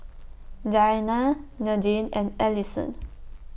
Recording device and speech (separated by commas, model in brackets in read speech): boundary microphone (BM630), read sentence